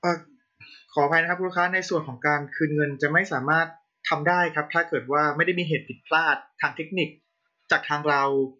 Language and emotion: Thai, neutral